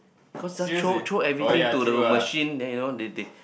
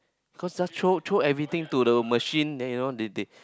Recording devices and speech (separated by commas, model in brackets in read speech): boundary microphone, close-talking microphone, conversation in the same room